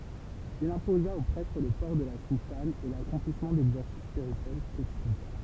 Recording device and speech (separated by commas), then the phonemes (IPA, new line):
temple vibration pickup, read sentence
il ɛ̃poza o pʁɛtʁ lə pɔʁ də la sutan e lakɔ̃plismɑ̃ dɛɡzɛʁsis spiʁityɛl kotidjɛ̃